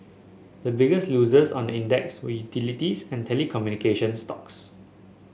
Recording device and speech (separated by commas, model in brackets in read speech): mobile phone (Samsung S8), read sentence